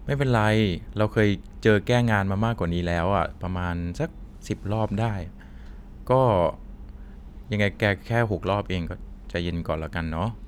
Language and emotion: Thai, neutral